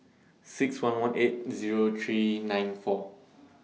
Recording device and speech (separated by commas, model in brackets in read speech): mobile phone (iPhone 6), read sentence